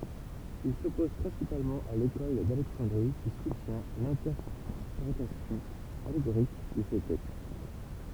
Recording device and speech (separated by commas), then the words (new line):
temple vibration pickup, read sentence
Ils s'opposent principalement à l'école d'Alexandrie qui soutient l'interprétation allégorique de ces textes.